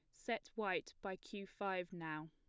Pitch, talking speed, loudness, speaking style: 195 Hz, 170 wpm, -44 LUFS, plain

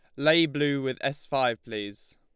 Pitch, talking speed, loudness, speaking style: 140 Hz, 185 wpm, -27 LUFS, Lombard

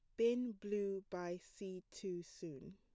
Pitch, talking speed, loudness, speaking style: 195 Hz, 140 wpm, -43 LUFS, plain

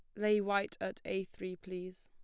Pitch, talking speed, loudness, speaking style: 190 Hz, 195 wpm, -37 LUFS, plain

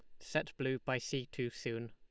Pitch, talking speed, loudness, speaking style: 130 Hz, 210 wpm, -39 LUFS, Lombard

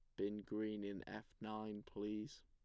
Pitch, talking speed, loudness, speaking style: 105 Hz, 160 wpm, -47 LUFS, plain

